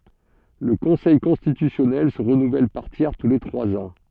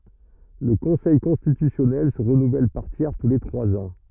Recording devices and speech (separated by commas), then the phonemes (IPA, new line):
soft in-ear microphone, rigid in-ear microphone, read sentence
lə kɔ̃sɛj kɔ̃stitysjɔnɛl sə ʁənuvɛl paʁ tjɛʁ tu le tʁwaz ɑ̃